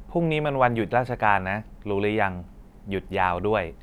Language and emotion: Thai, neutral